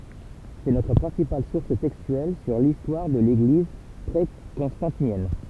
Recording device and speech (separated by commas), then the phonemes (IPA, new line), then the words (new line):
temple vibration pickup, read sentence
sɛ notʁ pʁɛ̃sipal suʁs tɛkstyɛl syʁ listwaʁ də leɡliz pʁekɔ̃stɑ̃tinjɛn
C'est notre principale source textuelle sur l'histoire de l'Église pré-constantinienne.